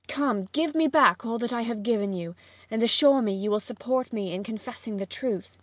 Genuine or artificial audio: genuine